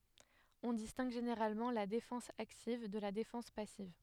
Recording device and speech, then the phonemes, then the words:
headset microphone, read sentence
ɔ̃ distɛ̃ɡ ʒeneʁalmɑ̃ la defɑ̃s aktiv də la defɑ̃s pasiv
On distingue généralement la défense active de la défense passive.

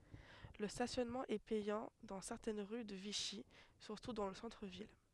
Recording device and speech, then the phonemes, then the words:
headset microphone, read sentence
lə stasjɔnmɑ̃ ɛ pɛjɑ̃ dɑ̃ sɛʁtɛn ʁy də viʃi syʁtu dɑ̃ lə sɑ̃tʁ vil
Le stationnement est payant dans certaines rues de Vichy, surtout dans le centre-ville.

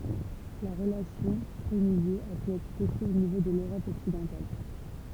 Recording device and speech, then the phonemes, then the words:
temple vibration pickup, read sentence
la ʁəlasjɔ̃ tʁɛtmiljø a py ɛtʁ tɛste o nivo də løʁɔp ɔksidɑ̃tal
La relation trait-milieu a pu être testée au niveau de l'Europe occidentale.

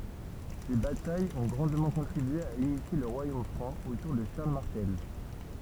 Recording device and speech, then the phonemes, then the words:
temple vibration pickup, read sentence
se batajz ɔ̃ ɡʁɑ̃dmɑ̃ kɔ̃tʁibye a ynifje lə ʁwajom fʁɑ̃ otuʁ də ʃaʁl maʁtɛl
Ces batailles ont grandement contribué à unifier le Royaume franc autour de Charles Martel.

